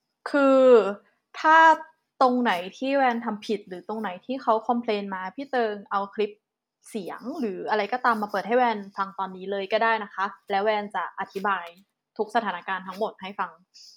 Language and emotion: Thai, frustrated